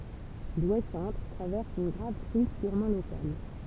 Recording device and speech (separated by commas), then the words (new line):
temple vibration pickup, read sentence
Douai-centre traverse une grave crise purement locale.